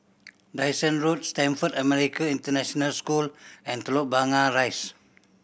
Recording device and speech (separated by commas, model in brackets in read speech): boundary microphone (BM630), read sentence